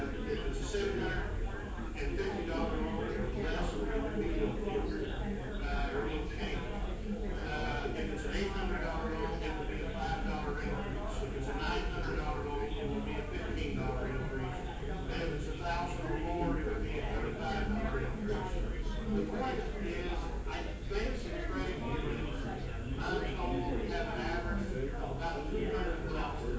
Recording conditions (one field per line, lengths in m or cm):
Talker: no one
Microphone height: 1.0 m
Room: large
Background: babble